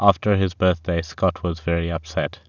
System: none